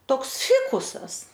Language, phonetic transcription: Lithuanian, ˈtoks ˈfikusas

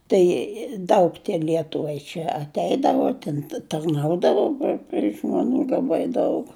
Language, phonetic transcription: Lithuanian, ˈtai ˈdaug ˈlietuvai čia atˈeidavo tin tarˈnaudavo pri pri žmaˈnų laˈbai ˈdaug

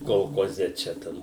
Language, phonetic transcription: Lithuanian, kolkoˈze ˈčia ˈtam

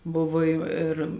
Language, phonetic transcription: Lithuanian, ˈbuvo ˈjų ir

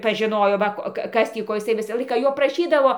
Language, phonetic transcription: Lithuanian, paˈžinojo ˈva ko ˈka ˈkas tį ˈko jiˈsai ˈvisą ˈlaiką ˈjo praˈšydavo

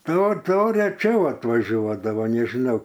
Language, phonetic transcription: Lithuanian, ˈto ˈto reˈčiau atvaˈžiuodavo nežiˈnau

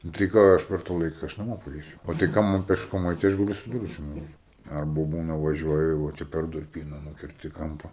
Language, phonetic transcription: Lithuanian, nu tai ˈką aš per ta ˈlaika aš naˈmo paˈreisiu o tai ˈkam man pešˈkom ˈait tai ˈaš gaˈliu su ˈdviračiu nuvaˈžiuot ˈarbu ˈbūna vaˈžiuoju vo ˈčia per durˈpyna ˈnukerti ˈkampa

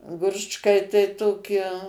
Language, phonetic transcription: Lithuanian, ˈgručkai tai ˈtoki

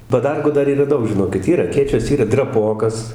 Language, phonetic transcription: Lithuanian, paˈdargų ˈdar yˈra ˈdaug žiˈnokit ˈyr aˈkėčios ˈyra draˈpokas

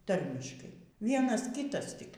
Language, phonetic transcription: Lithuanian, ˈtarmiškai ˈvienas ˈkytas tik

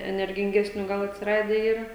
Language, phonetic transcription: Lithuanian, energinˈgesnių ˈgal atsiˈrade ˈyra

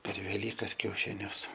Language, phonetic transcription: Lithuanian, per veˈlykas kiaušiˈnius

